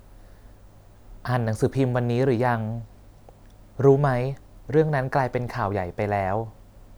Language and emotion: Thai, neutral